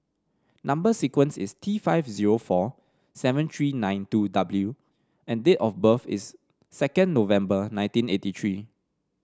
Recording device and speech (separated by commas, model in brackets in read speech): standing microphone (AKG C214), read sentence